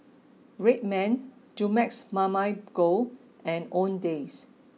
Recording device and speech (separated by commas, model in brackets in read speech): mobile phone (iPhone 6), read sentence